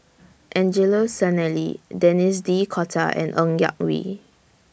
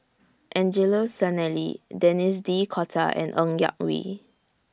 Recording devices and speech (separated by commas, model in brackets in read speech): boundary microphone (BM630), standing microphone (AKG C214), read sentence